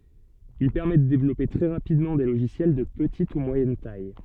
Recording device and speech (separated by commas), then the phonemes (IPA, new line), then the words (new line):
soft in-ear microphone, read sentence
il pɛʁmɛ də devlɔpe tʁɛ ʁapidmɑ̃ de loʒisjɛl də pətit u mwajɛn taj
Il permet de développer très rapidement des logiciels de petite ou moyenne taille.